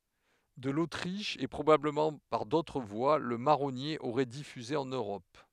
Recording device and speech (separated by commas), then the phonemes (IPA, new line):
headset microphone, read sentence
də lotʁiʃ e pʁobabləmɑ̃ paʁ dotʁ vwa lə maʁɔnje oʁɛ difyze ɑ̃n øʁɔp